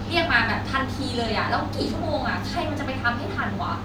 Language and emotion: Thai, frustrated